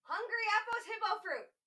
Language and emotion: English, fearful